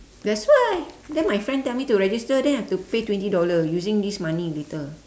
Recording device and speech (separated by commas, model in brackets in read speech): standing microphone, conversation in separate rooms